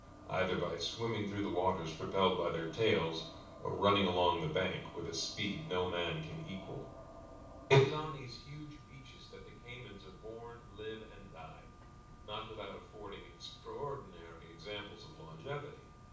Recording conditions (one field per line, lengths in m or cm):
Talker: one person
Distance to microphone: 5.8 m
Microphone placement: far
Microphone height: 1.8 m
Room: medium-sized (5.7 m by 4.0 m)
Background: none